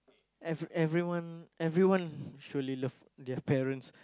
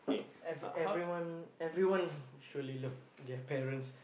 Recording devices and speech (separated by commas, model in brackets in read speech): close-talking microphone, boundary microphone, conversation in the same room